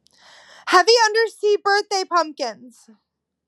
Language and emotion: English, fearful